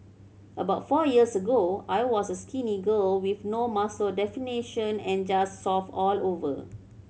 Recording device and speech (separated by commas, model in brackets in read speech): mobile phone (Samsung C7100), read sentence